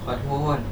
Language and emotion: Thai, sad